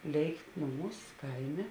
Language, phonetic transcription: Lithuanian, ˈlėikt ˈnuˌmūs ˈkaiˌmė

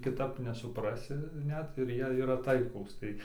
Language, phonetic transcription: Lithuanian, kiˈtap nesupˈrasi ˈnet ir ˈjie yˈra ˈtaiklūs tai

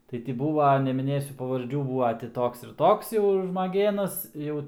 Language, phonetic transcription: Lithuanian, ˈtai ti ˈbūva nemiˈnėsiu pavarˈdžių ˈbūva ti ˈtoks ir ˈtoks jau žmaˈgėnas ˈjau

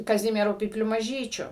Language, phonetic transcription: Lithuanian, kaˈzimieru pypˈliu maˈžyčiu

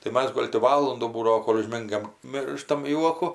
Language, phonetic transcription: Lithuanian, tai ˈmas ˈgol' ti ˈvalundų ˈbūdavo ˈkol' užˈmingam ˈmirštam ˈjuoku

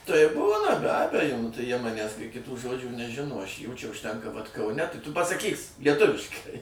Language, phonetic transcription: Lithuanian, tai ˈbūna be ˈabejo nu tai jie ˈmanęs kai kiˈtų ˈžodžių neˈžino aš jų ˈčia užˈtenka vat kaˈune tai tu pasaˈkys lieˈtuviškai

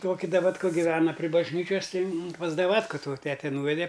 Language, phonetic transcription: Lithuanian, ˈtoki davatˈka giˈvena pri bažˈnyčias ˈtai mum pas daˈvatka to ˈtete ˈnūvede

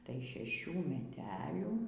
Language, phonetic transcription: Lithuanian, tai šeˈšių meˈtelių

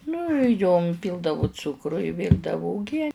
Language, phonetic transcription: Lithuanian, nu jom ˈpyldavu ˈcukru i ˈvyrdavu uˈgie

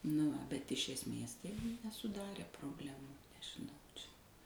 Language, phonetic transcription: Lithuanian, nu ˈva bet iš esˈmės ˈtai nesuˈdarė probˈlemų nežiˈnau ˈčia

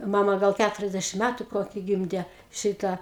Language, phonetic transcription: Lithuanian, ˈmama ˈgal ˈkæturiasdešim ˈmætu ˈkoki ˈgimde ˈšitą

